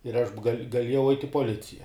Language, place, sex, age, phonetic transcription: Lithuanian, Žemaitija, male, 18-60, ir ˈaš gaˈliejau ait' i poˈlicija

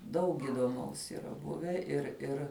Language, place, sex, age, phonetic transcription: Lithuanian, Žemaitija, female, 18-60, ˈdaug įdoˈmaus yˈra ˈbuvę ir ˈir

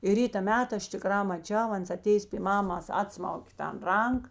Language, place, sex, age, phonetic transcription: Lithuanian, Žemaitija, female, 60+, i ˈryta ˈmeta ˈaš tiˈkrā maˈčiau ˈans aˈtėjės py ˈmamas ˈatsmaukė tan ˈrank

